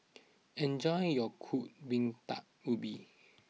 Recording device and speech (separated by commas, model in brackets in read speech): mobile phone (iPhone 6), read sentence